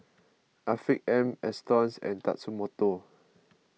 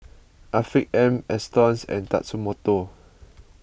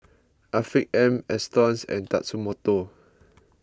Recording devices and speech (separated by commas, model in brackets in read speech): mobile phone (iPhone 6), boundary microphone (BM630), close-talking microphone (WH20), read sentence